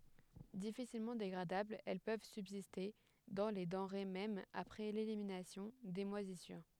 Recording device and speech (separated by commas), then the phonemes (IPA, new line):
headset microphone, read sentence
difisilmɑ̃ deɡʁadablz ɛl pøv sybziste dɑ̃ le dɑ̃ʁe mɛm apʁɛ leliminasjɔ̃ de mwazisyʁ